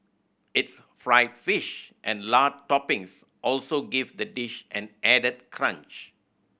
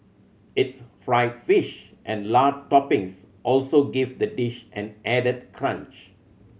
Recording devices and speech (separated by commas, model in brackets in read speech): boundary microphone (BM630), mobile phone (Samsung C7100), read sentence